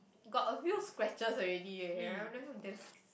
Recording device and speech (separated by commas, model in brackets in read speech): boundary microphone, conversation in the same room